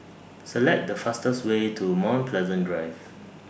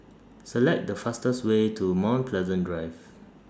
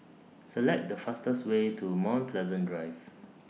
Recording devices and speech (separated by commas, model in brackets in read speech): boundary microphone (BM630), standing microphone (AKG C214), mobile phone (iPhone 6), read sentence